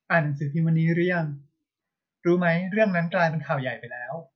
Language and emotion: Thai, neutral